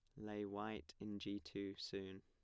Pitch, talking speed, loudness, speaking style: 100 Hz, 180 wpm, -49 LUFS, plain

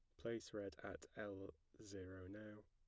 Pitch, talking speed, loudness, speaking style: 100 Hz, 145 wpm, -53 LUFS, plain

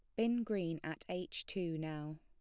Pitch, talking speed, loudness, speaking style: 160 Hz, 180 wpm, -40 LUFS, plain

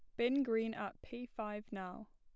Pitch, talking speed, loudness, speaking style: 225 Hz, 185 wpm, -40 LUFS, plain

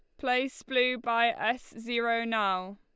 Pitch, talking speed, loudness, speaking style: 235 Hz, 140 wpm, -29 LUFS, Lombard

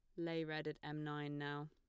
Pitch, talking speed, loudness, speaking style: 150 Hz, 240 wpm, -45 LUFS, plain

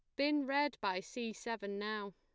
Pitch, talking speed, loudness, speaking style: 230 Hz, 185 wpm, -38 LUFS, plain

